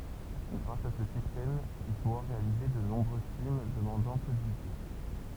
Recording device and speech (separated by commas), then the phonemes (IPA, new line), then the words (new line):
temple vibration pickup, read sentence
ɡʁas a sə sistɛm il puʁa ʁealize də nɔ̃bʁø film dəmɑ̃dɑ̃ pø də bydʒɛ
Grâce à ce système, il pourra réaliser de nombreux films demandant peu de budget.